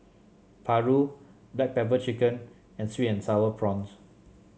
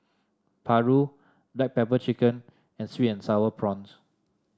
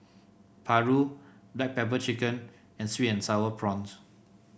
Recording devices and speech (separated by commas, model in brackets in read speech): mobile phone (Samsung C7), standing microphone (AKG C214), boundary microphone (BM630), read sentence